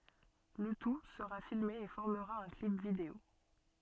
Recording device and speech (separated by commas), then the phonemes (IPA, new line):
soft in-ear microphone, read sentence
lə tu səʁa filme e fɔʁməʁa œ̃ klip video